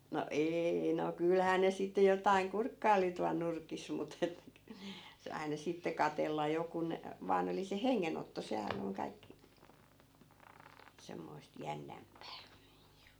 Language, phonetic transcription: Finnish, no "eei no 'kylhää ne sitte 'jotaiŋ "kurkkai̮li tual 'nurkis mut ‿et k- , se , 'aina sitte 'katella 'jo kun , 'vaan ‿oli se 'heŋŋenotto 'sehän ‿oŋ kaikkI , 'semmoist "jännämpää .
- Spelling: no ei no kyllähän ne sitten jotakin kurkkaili tuolla nurkissa mutta että - se aina sitten katsella jo kun vain oli se hengenotto sehän on kaikki semmoista jännempää

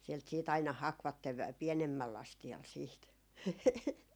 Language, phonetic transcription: Finnish, sielt siit ‿aina "hakvattev vä- , 'pienemmäl'l ‿astial siit .
- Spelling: sieltä sitten aina hakivat - pienemmällä astialla sitten

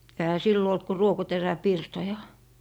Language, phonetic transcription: Finnish, ehä 'sillo olt ku "ruokoterä'pirtoja .
- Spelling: eihän silloin ollut kuin ruokoteräpirtoja

